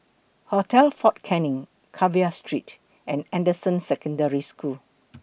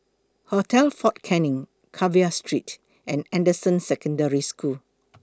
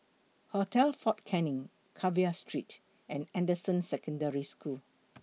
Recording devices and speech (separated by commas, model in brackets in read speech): boundary microphone (BM630), close-talking microphone (WH20), mobile phone (iPhone 6), read sentence